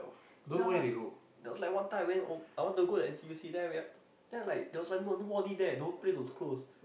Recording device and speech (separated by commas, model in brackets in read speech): boundary microphone, conversation in the same room